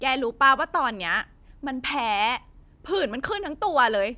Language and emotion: Thai, frustrated